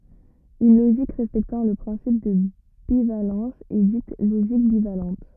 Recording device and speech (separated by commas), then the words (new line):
rigid in-ear microphone, read sentence
Une logique respectant le principe de bivalence est dite logique bivalente.